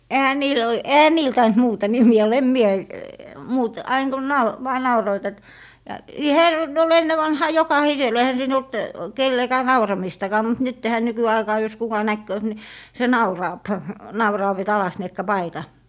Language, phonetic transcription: Finnish, ehä 'niil oi- , 'ehä "niil taint 'muuta nimi₍ä 'olla em 'mie , 'muut- , 'aiŋ kun 'nau- , 'vaa 'nauroit et , ja , (--) ol 'enne vanhaa "jokahisel , ehä 'siin ‿olt , 'kellekää 'nauramistakaa mut 'nyttehä 'nykyaikaa jos kuka 'nähkööt ni , se 'nauraap , 'nauraav et » 'alasniekka "paita » .
- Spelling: eihän niillä - eihän niillä tainnut muuta nimeä olla en minä - aina kun - vain nauroivat että ja - oli ennen vanhaan jokaisella eihän siinä ollut kenellekään nauramistakaan mutta nythän nykyaikaan jos kuka nähkööt niin se nauraa nauraa että alasniekka paita

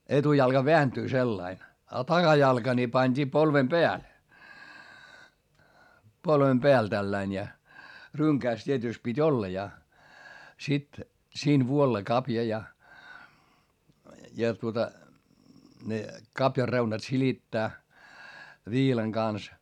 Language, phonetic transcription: Finnish, etujalka veäntyy sellain , a taGajalka ni pańD'ii polvem Beäl , polvem Beäl tälläin ja , ryŋkääs t́ietỳst pit́ ‿olla ja , sit , siin vuolla kapja ja , ja tuota , ne , kapjar reunat silittää , viilaŋ Gans .
- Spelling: etujalka vääntyy sillä lailla ja takajalka niin pantiin polven päälle polven päälle tällä lailla ja rynkässä tietysti piti olla ja sitten siinä vuolla kavion ja ja tuota ne kavion reunat silittää viilan kanssa

